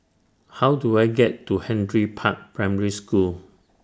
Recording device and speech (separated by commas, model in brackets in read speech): standing microphone (AKG C214), read sentence